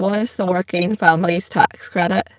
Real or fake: fake